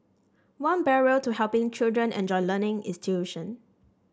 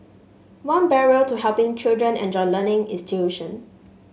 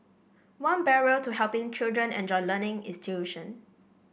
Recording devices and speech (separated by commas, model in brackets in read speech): standing microphone (AKG C214), mobile phone (Samsung S8), boundary microphone (BM630), read sentence